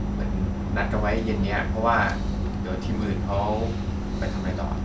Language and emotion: Thai, neutral